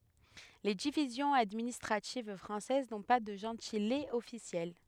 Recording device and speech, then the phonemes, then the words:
headset microphone, read sentence
le divizjɔ̃z administʁativ fʁɑ̃sɛz nɔ̃ pa də ʒɑ̃tilez ɔfisjɛl
Les divisions administratives françaises n'ont pas de gentilés officiels.

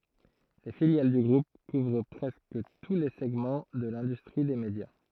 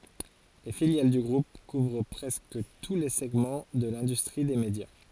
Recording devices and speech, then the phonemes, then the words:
throat microphone, forehead accelerometer, read sentence
le filjal dy ɡʁup kuvʁ pʁɛskə tu le sɛɡmɑ̃ də lɛ̃dystʁi de medja
Les filiales du groupe couvrent presque tous les segments de l'industrie des médias.

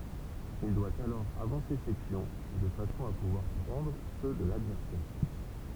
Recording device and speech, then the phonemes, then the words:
temple vibration pickup, read sentence
il dwa alɔʁ avɑ̃se se pjɔ̃ də fasɔ̃ a puvwaʁ pʁɑ̃dʁ sø də ladvɛʁsɛʁ
Il doit alors avancer ses pions de façon à pouvoir prendre ceux de l'adversaire.

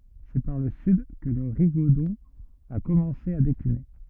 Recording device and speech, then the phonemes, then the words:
rigid in-ear microphone, read sentence
sɛ paʁ lə syd kə lə ʁiɡodɔ̃ a kɔmɑ̃se a dekline
C’est par le sud que le rigodon a commencé à décliner.

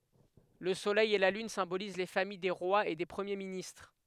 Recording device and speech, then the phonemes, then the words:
headset microphone, read sentence
lə solɛj e la lyn sɛ̃boliz le famij de ʁwaz e de pʁəmje ministʁ
Le Soleil et la Lune symbolisent les familles des rois et des premiers ministres.

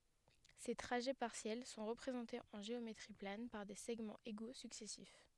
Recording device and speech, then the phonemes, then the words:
headset microphone, read sentence
se tʁaʒɛ paʁsjɛl sɔ̃ ʁəpʁezɑ̃tez ɑ̃ ʒeometʁi plan paʁ de sɛɡmɑ̃z eɡo syksɛsif
Ces trajets partiels sont représentés en géométrie plane par des segments égaux successifs.

